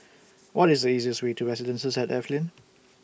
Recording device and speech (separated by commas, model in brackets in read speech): boundary microphone (BM630), read sentence